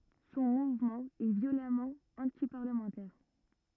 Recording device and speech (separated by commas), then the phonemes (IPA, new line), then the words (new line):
rigid in-ear microphone, read sentence
sɔ̃ muvmɑ̃ ɛ vjolamɑ̃ ɑ̃tipaʁləmɑ̃tɛʁ
Son mouvement est violemment antiparlementaire.